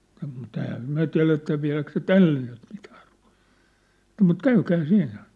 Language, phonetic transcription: Finnish, mu't ‿ɛ̀hää "myä̭ tiä̭letä 'viä̭läk se "tälle nyt mitᴀ̈ᴀ̈ rᴜᴀ̭ʟᴀᴀ , mut "käykää "siinnä ! «
- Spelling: mutta eihän me tiedetä vieläkö se tälle nyt mitään ruotaa mutta käykää siinä

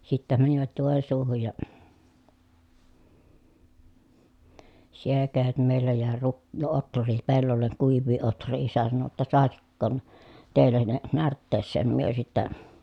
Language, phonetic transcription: Finnish, sittä mänivät Jòensuuhuj ja , siel (käyt) mèi̮lä jä̀e ruk- otr̆rii pellolleŋ kuiv̆vii otr̆rii isä sano ʲotta » sàesikkoon , tèillä ne närtteesseen » myö sittä ,.
- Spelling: sitten menivät Joensuuhun ja siellä - meillä jäi - ohria pellolle kuivia ohria isä sanoi jotta saisiko teillä ne närtteeseen me sitten

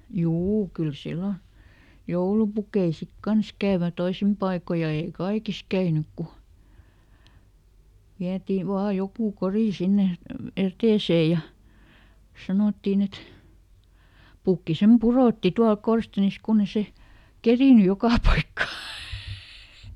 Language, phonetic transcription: Finnish, "juu ˈkyl ˈsillo , ˈjoulupukei sik "kans käävö ˈtoisim paiko ja ˈèi "kaikis ˈkäynyk ku , ˈviätii ˈvaa ˈjokù "korì ˈsinne (ja) , "etèsè ja , ˈsanòttin ‿et , ˈpukki ˈsem "puròtti ˈtualk "korstenis ˈkunn ‿e ˈse , "kerìny ˈjokà ˈpaikka .
- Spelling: juu kyllä silloin joulupukkeja sitten kanssa kävi toisin paikoin ja ei kaikissa käynyt kun vietiin vain joku kori sinne ja eteiseen ja sanottiin että pukki sen pudotti tuolla korsteenissa kun ei se kerinnyt joka paikkaan

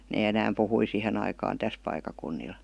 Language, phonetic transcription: Finnish, nee 'enääm puhui 'sihen ‿aikaan 'täs paik̆kakunnil .
- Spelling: ne enää puhui siihen aikaan tässä paikkakunnilla

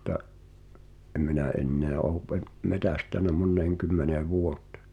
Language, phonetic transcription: Finnish, mutta , ’eᵐ minä '’enneä ’ouw ve- , "metä̀stän̆nä 'monneeŋ 'kymmenee "vuot̀ᴇ̳ .
- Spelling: mutta en minä enää ole - metsästänyt moneen kymmeneen vuoteen

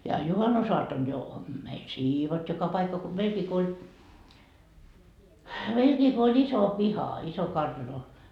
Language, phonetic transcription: Finnish, ja 'juhannusoatton jo , meil "siivotti joka paikka ko 'meilkii ko oĺ 'iso 'piha 'iso 'kartano .
- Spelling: ja juhannusaattona jo meillä siivottiin joka paikka kuin meilläkin kun oli iso piha iso kartano

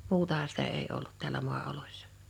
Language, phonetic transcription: Finnish, 'muutaha sitä èi ollut tiälä 'mu̬a₍olośsᴀ .
- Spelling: muutahan sitä ei ollut täällä maaoloissa

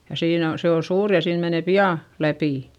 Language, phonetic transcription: Finnish, ja siin ‿on , se o suur ja siin mene pi₍à , läpì .
- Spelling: ja siinä on se on suuri ja siinä menee pian läpi

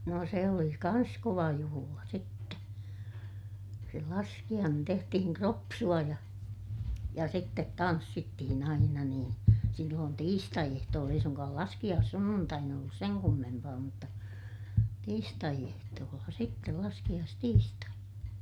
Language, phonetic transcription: Finnish, no se oli kans kova juhula sitte , se laskiʲaanen - tehtihiŋ kropsu₍a ja , ja sittet tanssittihin ‿aina niin , silloon tiistai₍ehtooll ‿ei suŋkaal laskiʲaassunnuntain ‿ollus seŋ kummempaa mutta , tiistai₍ehtoolla sittel - laskiʲaastiistai(na) .
- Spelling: no se oli kanssa kova juhla sitten se laskiainen tehtiin kropsua ja ja sitten tanssittiin aina niin silloin tiistaiehtoolla ei suinkaan laskiaissunnuntaina ollut sen kummempaa mutta tiistaiehtoolla sitten laskiaistiistaina

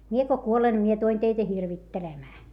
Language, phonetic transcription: Finnish, » mie ko kuolen ne mie tuˡen teitä hirvittelemää » .
- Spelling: minä kun kuolen niin minä tulen teitä hirvittelemään

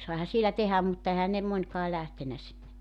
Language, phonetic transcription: Finnish, 'saiha sielä 'tehäm mutta 'ehän ne 'mońkaa 'lähtenä sinne .
- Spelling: saihan siellä tehdä mutta eihän ne monikaan lähtenyt sinne

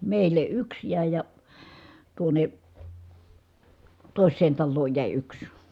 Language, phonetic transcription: Finnish, mèil̀e yks jä̀i̮ ja , tuone , tòi̮s̆seen tallooj jä̀i yks .
- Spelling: meille yksi jäi ja tuonne toiseen taloon jäi yksi

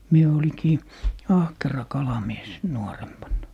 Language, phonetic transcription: Finnish, 'mie oliŋkii , "ahkera 'kalamies , 'nuorempanna .
- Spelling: minä olinkin ahkera kalamies nuorempana

